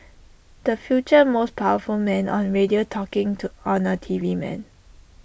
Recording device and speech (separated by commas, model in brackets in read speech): boundary microphone (BM630), read sentence